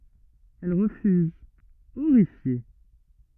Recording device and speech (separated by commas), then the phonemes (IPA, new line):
rigid in-ear microphone, read sentence
ɛl ʁəfyz oʁifje